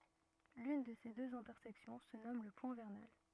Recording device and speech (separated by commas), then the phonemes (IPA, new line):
rigid in-ear microphone, read sentence
lyn də se døz ɛ̃tɛʁsɛksjɔ̃ sə nɔm lə pwɛ̃ vɛʁnal